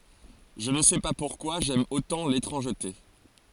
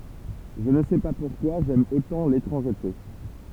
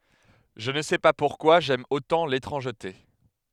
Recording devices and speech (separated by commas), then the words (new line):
forehead accelerometer, temple vibration pickup, headset microphone, read sentence
Je ne sais pas pourquoi j'aime autant l'étrangeté.